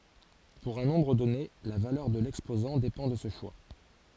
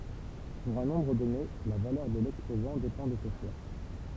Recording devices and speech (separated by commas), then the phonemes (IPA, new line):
forehead accelerometer, temple vibration pickup, read sentence
puʁ œ̃ nɔ̃bʁ dɔne la valœʁ də lɛkspozɑ̃ depɑ̃ də sə ʃwa